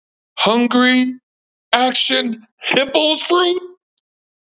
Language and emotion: English, surprised